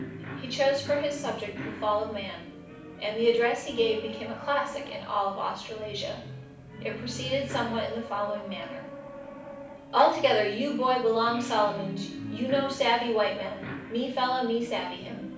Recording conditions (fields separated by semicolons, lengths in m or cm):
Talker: one person; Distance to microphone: 5.8 m; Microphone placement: far; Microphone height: 1.8 m; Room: medium-sized (5.7 m by 4.0 m); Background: television